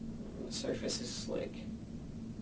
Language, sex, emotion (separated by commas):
English, male, neutral